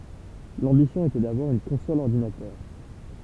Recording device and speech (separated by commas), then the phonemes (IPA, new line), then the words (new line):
temple vibration pickup, read sentence
lɑ̃bisjɔ̃ etɛ davwaʁ yn kɔ̃sɔl ɔʁdinatœʁ
L'ambition était d'avoir une console-ordinateur.